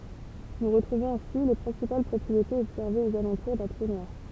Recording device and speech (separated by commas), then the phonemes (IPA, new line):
temple vibration pickup, read sentence
nu ʁətʁuvɔ̃z ɛ̃si le pʁɛ̃sipal pʁɔpʁietez ɔbsɛʁvez oz alɑ̃tuʁ dœ̃ tʁu nwaʁ